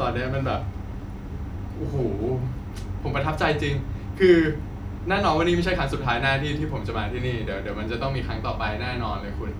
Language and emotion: Thai, happy